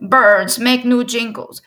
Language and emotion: English, sad